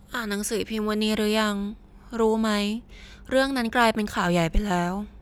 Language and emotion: Thai, frustrated